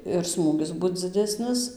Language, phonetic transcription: Lithuanian, ir ˈsmūgis ˈbut dziˈdesnis

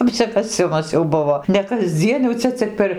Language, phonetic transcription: Lithuanian, apsikaˈsimas jau ˈbuvo ne kasˈdzien jau ˈcia cik per

